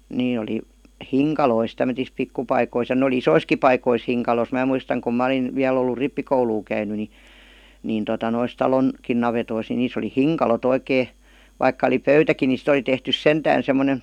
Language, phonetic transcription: Finnish, 'nee oli , "hiŋkalois tämötis 'pikkupaikois ja 'n ‿oli "isoiski paikois 'hiŋkalos "mä̀ muistaŋ kum 'mä °lin , 'viäl ‿ollu "rippikouluu käyny ni , 'nìn tota nois 'talon- , -kin navetois ni 'niis ‿oli "hiŋka-lo't ‿oikee , vaikka oli "pöytäki ni sit ‿oli tehtys "sentään semmonen̬ ,.
- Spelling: ne oli hinkaloissa tämmöisissä pikkupaikoissa ja ne oli isoissakin paikoissa hinkalossa minä muistan kun minä olin vielä ollut rippikoulua käynyt niin niin tuota noissa - talonkin navetoissa niin niissä oli hinkalot oikein vaikka oli pöytäkin niin sitten oli tehty sentään semmoinen

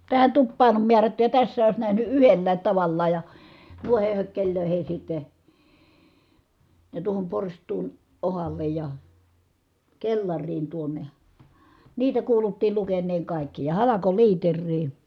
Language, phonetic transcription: Finnish, tähän tuppaan om miärätty ja tässää òis nähny yhelläät tavallaaj ja , nuiheh hökkeĺlö̀ihis sitte , ja tuohom porst̀uun , ohallej ja , kellarriin tuonne (ja) , niitä kuuluttiil lukenneeŋ kàikki ja halakoliiterrii ,.
- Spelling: tähän tupaan on määrätty ja tässä olisi nähnyt yhdellä tavallaan ja noihin hökkeleihin sitten ja tuohon porstuaan otsalle ja kellariin tuonne ja niitä kuuluttiin lukeneen kaikki ja halkoliiteriin

